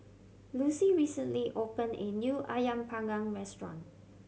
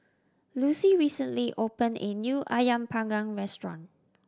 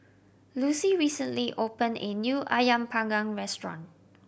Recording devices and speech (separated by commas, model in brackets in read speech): mobile phone (Samsung C7100), standing microphone (AKG C214), boundary microphone (BM630), read sentence